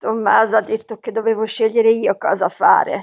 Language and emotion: Italian, disgusted